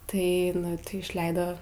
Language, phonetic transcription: Lithuanian, tai nu ˈtai išˈleido

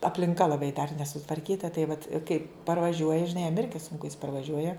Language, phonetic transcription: Lithuanian, aplinˈka laˈbai dar nesutvarˈkyta tai vat ˈkai parvaˈžiuoja žiˈnai jam ˈirgi sunˈku jis parvaˈžiuoja

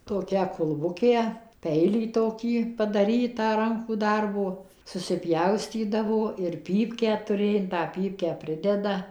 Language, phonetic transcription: Lithuanian, toˈkią kulˈbukę ˈpeilį toˈkį padaˈrytą ˈrankų ˈdarbo susiˈpjaustydavo ir ˈpypkę tuˈrė in tą ˈpypkę ˈprideda

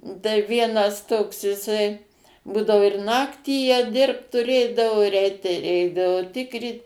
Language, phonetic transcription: Lithuanian, taiˈvienas ˈtoks jiˈsai ˈbūdavo ir ˈnaktį jie ˈdirbt tuˈrėdavo ir ˈeit tai ˈeidavo ˈtikryt

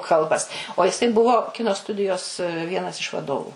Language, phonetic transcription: Lithuanian, ˈkalbas o jiˈsai ˈbuvo ˈkino ˈstudijos ˈvienas iš vaˈdovu

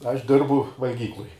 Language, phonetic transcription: Lithuanian, ˈaš ˈdirbu valˈgykluj

